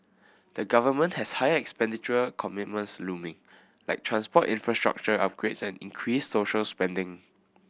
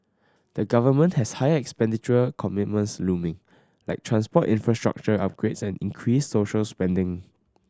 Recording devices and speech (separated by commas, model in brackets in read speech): boundary microphone (BM630), standing microphone (AKG C214), read sentence